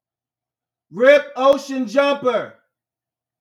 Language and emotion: English, neutral